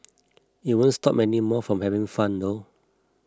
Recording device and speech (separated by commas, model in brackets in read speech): close-talking microphone (WH20), read sentence